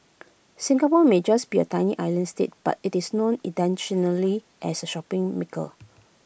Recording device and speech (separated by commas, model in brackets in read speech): boundary microphone (BM630), read sentence